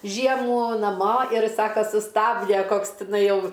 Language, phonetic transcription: Lithuanian, ˈžiemų naˈmo ir ˈsaka suˈstabde ˈkoks tiˈnai ˈjau

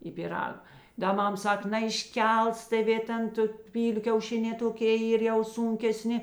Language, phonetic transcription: Lithuanian, i piˈrag ˈda ˈmam ˈsak naišˈkels tėˈvė ˈten tu ˈpyliu kiauˈšinē toˈkė ˈyr jau ˈsūnkeˌsni

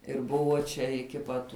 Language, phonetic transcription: Lithuanian, ir ˈbuvo čia iki ˈpat

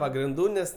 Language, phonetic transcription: Lithuanian, pagrinˈdų ˈnes

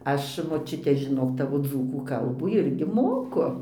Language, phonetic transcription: Lithuanian, ˈaš moˈčiute žiˈnok ˈtavo ˈdzūkų ˈkalbų ˈirgi ˈmoku

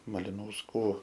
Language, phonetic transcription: Lithuanian, malinausˈkų

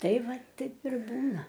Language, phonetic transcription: Lithuanian, ˈtai ˈva ˈtaip ir ˈbūna

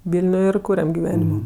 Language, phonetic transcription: Lithuanian, ˈvilniuj ir ˈkūriam giˈvenimo

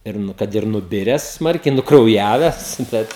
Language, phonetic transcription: Lithuanian, ir ˈnu kad ir nuˈbires ˈsmarkiai nukrauˈjaves ˈbet

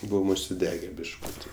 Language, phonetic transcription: Lithuanian, ˈbuvom užsiˈdege bišˈkuti

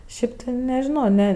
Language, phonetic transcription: Lithuanian, ˈšip ti nežiˈno ˈne

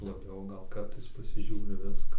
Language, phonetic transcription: Lithuanian, laˈbiau ˈgal ˈkartais pasiˈžiūri ˈviska

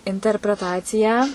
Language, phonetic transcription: Lithuanian, interpreˈtacija

